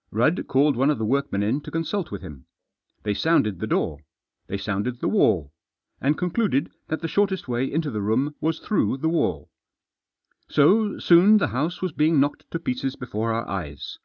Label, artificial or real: real